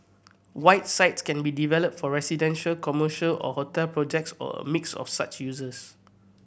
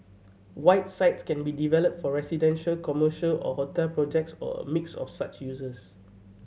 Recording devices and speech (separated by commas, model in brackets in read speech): boundary microphone (BM630), mobile phone (Samsung C7100), read sentence